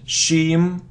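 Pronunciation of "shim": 'Scheme' is pronounced incorrectly here: it starts with a sh sound instead of sk.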